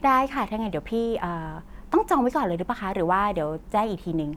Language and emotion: Thai, neutral